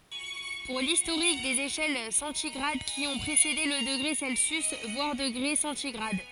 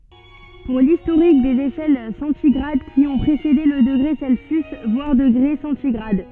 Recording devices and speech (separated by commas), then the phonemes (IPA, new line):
forehead accelerometer, soft in-ear microphone, read sentence
puʁ listoʁik dez eʃɛl sɑ̃tiɡʁad ki ɔ̃ pʁesede lə dəɡʁe sɛlsjys vwaʁ dəɡʁe sɑ̃tiɡʁad